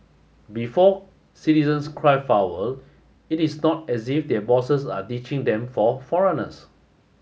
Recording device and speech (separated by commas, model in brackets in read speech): mobile phone (Samsung S8), read sentence